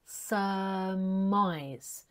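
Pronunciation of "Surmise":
In 'surmise', the first syllable has a schwa sound with no strong R, and the stress is on the second syllable.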